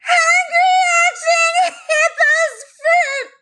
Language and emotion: English, fearful